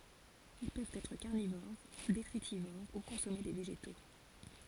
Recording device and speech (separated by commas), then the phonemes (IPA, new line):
forehead accelerometer, read sentence
il pøvt ɛtʁ kaʁnivoʁ detʁitivoʁ u kɔ̃sɔme de veʒeto